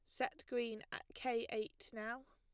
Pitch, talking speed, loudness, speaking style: 230 Hz, 170 wpm, -44 LUFS, plain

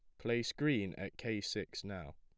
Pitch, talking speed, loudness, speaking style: 100 Hz, 185 wpm, -39 LUFS, plain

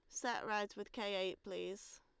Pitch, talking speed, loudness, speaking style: 205 Hz, 200 wpm, -42 LUFS, Lombard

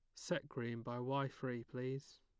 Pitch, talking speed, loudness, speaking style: 130 Hz, 180 wpm, -43 LUFS, plain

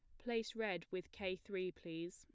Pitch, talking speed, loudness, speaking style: 185 Hz, 185 wpm, -44 LUFS, plain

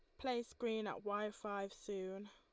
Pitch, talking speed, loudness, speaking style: 210 Hz, 170 wpm, -44 LUFS, Lombard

